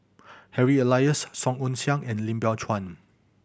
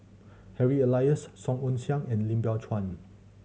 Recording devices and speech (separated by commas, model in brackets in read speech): boundary microphone (BM630), mobile phone (Samsung C7100), read sentence